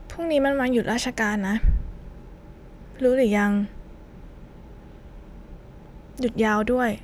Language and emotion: Thai, neutral